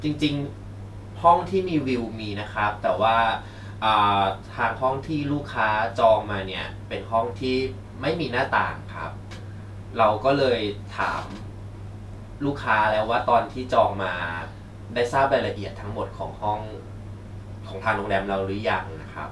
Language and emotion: Thai, neutral